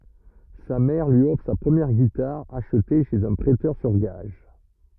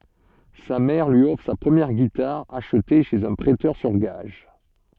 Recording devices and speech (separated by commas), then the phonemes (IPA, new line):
rigid in-ear microphone, soft in-ear microphone, read sentence
sa mɛʁ lyi ɔfʁ sa pʁəmjɛʁ ɡitaʁ aʃte ʃez œ̃ pʁɛtœʁ syʁ ɡaʒ